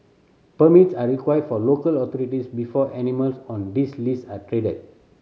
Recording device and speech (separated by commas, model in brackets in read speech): mobile phone (Samsung C7100), read sentence